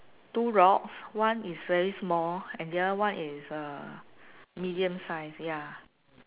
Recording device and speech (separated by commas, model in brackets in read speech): telephone, conversation in separate rooms